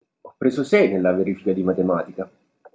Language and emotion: Italian, neutral